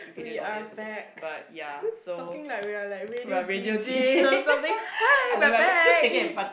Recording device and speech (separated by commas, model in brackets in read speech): boundary microphone, conversation in the same room